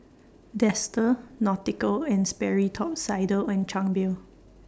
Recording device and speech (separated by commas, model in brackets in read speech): standing microphone (AKG C214), read sentence